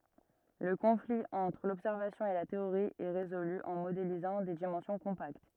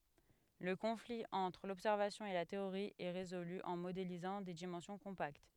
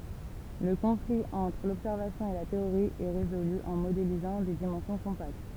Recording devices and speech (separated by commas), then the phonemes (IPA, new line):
rigid in-ear microphone, headset microphone, temple vibration pickup, read sentence
lə kɔ̃fli ɑ̃tʁ lɔbsɛʁvasjɔ̃ e la teoʁi ɛ ʁezoly ɑ̃ modelizɑ̃ de dimɑ̃sjɔ̃ kɔ̃pakt